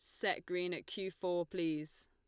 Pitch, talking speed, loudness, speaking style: 180 Hz, 190 wpm, -39 LUFS, Lombard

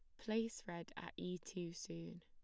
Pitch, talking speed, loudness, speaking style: 180 Hz, 175 wpm, -47 LUFS, plain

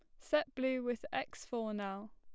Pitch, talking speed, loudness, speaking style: 245 Hz, 185 wpm, -38 LUFS, plain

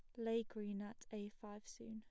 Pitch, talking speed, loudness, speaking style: 215 Hz, 210 wpm, -47 LUFS, plain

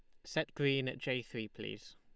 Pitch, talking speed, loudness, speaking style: 130 Hz, 210 wpm, -38 LUFS, Lombard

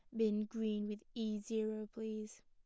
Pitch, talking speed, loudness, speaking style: 215 Hz, 160 wpm, -40 LUFS, plain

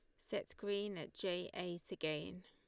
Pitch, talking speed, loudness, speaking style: 180 Hz, 160 wpm, -43 LUFS, Lombard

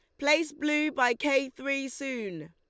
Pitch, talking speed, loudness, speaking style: 275 Hz, 155 wpm, -28 LUFS, Lombard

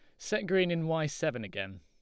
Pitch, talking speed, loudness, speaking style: 155 Hz, 225 wpm, -32 LUFS, Lombard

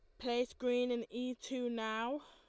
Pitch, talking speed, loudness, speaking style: 245 Hz, 175 wpm, -38 LUFS, Lombard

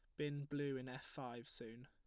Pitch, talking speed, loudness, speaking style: 130 Hz, 215 wpm, -47 LUFS, plain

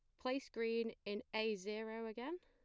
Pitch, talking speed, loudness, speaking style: 225 Hz, 165 wpm, -43 LUFS, plain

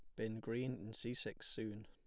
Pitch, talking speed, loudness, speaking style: 110 Hz, 215 wpm, -44 LUFS, plain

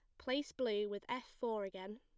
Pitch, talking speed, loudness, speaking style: 225 Hz, 205 wpm, -41 LUFS, plain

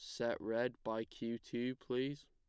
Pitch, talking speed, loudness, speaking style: 120 Hz, 170 wpm, -41 LUFS, plain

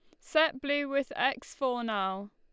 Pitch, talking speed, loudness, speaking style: 265 Hz, 170 wpm, -30 LUFS, Lombard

